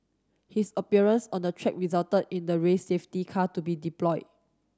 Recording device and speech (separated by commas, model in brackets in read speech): standing microphone (AKG C214), read sentence